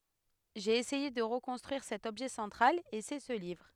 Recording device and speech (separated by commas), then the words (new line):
headset microphone, read sentence
J'ai essayé de reconstruire cet objet central, et c'est ce livre.